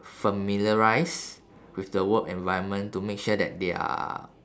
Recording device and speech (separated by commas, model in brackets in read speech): standing microphone, conversation in separate rooms